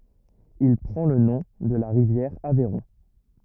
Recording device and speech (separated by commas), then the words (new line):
rigid in-ear microphone, read sentence
Il prend le nom de la rivière Aveyron.